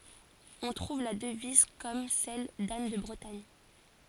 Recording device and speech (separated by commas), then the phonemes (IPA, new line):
forehead accelerometer, read sentence
ɔ̃ tʁuv la dəviz kɔm sɛl dan də bʁətaɲ